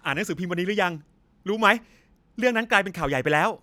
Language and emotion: Thai, happy